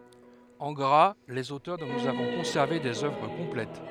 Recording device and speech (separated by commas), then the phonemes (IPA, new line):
headset microphone, read sentence
ɑ̃ ɡʁa lez otœʁ dɔ̃ nuz avɔ̃ kɔ̃sɛʁve dez œvʁ kɔ̃plɛt